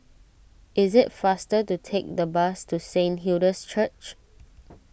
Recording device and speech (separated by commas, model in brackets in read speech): boundary microphone (BM630), read sentence